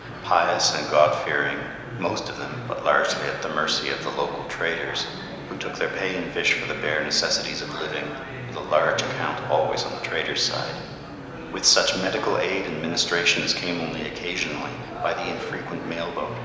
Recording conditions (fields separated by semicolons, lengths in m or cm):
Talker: one person; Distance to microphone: 1.7 m; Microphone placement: close; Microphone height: 1.0 m; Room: very reverberant, large; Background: babble